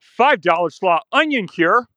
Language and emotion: English, surprised